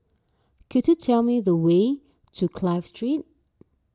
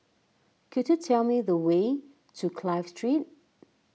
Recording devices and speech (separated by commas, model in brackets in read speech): standing microphone (AKG C214), mobile phone (iPhone 6), read sentence